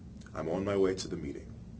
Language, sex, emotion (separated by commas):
English, male, neutral